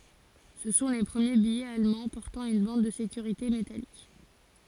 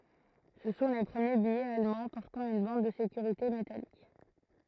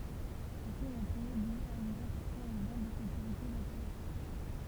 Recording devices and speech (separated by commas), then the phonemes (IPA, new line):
forehead accelerometer, throat microphone, temple vibration pickup, read sentence
sə sɔ̃ le pʁəmje bijɛz almɑ̃ pɔʁtɑ̃ yn bɑ̃d də sekyʁite metalik